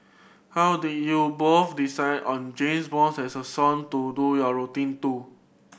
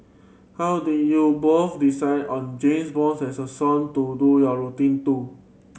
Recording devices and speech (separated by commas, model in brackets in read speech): boundary microphone (BM630), mobile phone (Samsung C7100), read sentence